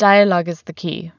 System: none